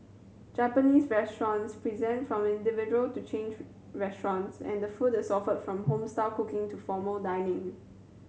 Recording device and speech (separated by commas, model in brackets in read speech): mobile phone (Samsung C7100), read sentence